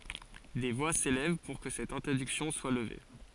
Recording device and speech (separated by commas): forehead accelerometer, read sentence